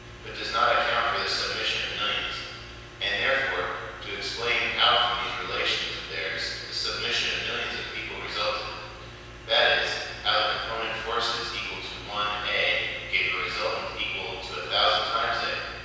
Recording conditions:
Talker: one person; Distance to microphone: 7.1 m; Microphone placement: far; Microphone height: 1.7 m; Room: very reverberant, large; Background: none

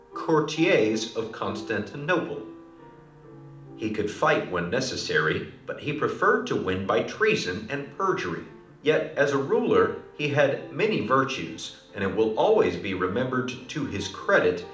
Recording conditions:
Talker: one person; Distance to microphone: 2.0 m; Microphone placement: close; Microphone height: 99 cm; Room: medium-sized (5.7 m by 4.0 m); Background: music

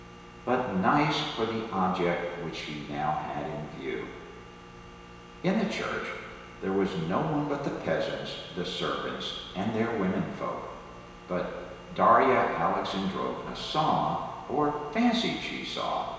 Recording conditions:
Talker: one person; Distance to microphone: 1.7 m; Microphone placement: close; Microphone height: 1.0 m; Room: very reverberant, large; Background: none

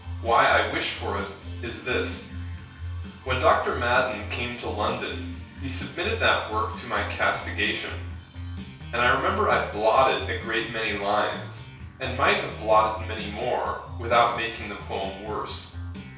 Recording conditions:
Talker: one person; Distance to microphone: 3.0 m; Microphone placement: far; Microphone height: 1.8 m; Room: small (3.7 m by 2.7 m); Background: music

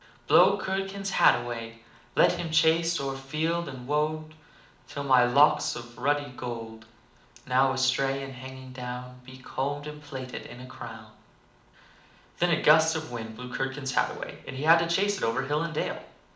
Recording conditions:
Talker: one person; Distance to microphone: 2.0 m; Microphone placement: close; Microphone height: 99 cm; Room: medium-sized (5.7 m by 4.0 m); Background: none

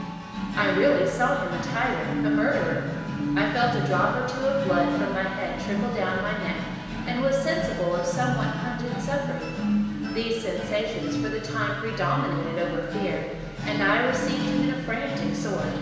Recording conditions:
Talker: one person; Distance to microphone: 1.7 m; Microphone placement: close; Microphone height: 1.0 m; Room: very reverberant, large; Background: music

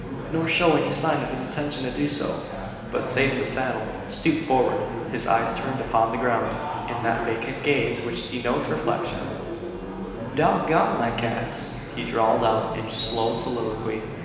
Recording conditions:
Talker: one person; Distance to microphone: 1.7 m; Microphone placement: close; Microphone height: 1.0 m; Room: very reverberant, large; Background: babble

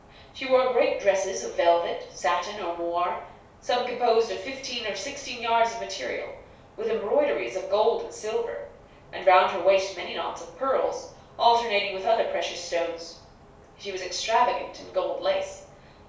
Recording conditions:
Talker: one person; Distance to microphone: 3.0 m; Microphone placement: far; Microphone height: 1.8 m; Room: small (3.7 m by 2.7 m); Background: none

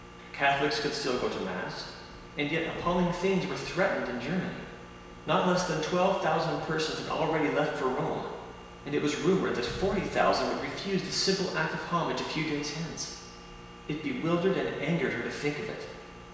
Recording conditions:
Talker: one person; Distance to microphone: 1.7 m; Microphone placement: close; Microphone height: 1.0 m; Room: very reverberant, large; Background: none

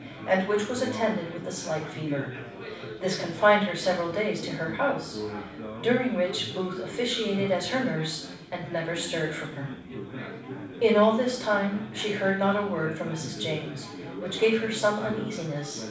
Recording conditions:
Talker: one person; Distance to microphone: 5.8 m; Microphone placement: far; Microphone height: 1.8 m; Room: medium-sized (5.7 m by 4.0 m); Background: babble

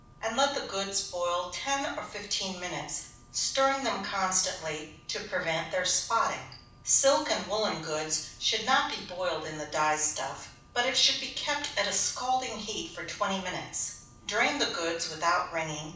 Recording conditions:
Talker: one person; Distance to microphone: 5.8 m; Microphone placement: far; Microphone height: 1.8 m; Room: medium-sized (5.7 m by 4.0 m); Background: none

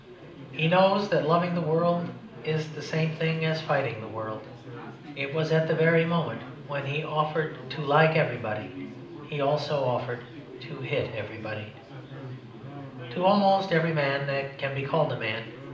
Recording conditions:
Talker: one person; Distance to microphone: 2.0 m; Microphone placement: close; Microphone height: 99 cm; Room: medium-sized (5.7 m by 4.0 m); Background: babble

